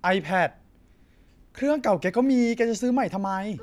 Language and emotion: Thai, frustrated